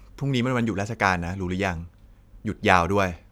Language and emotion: Thai, neutral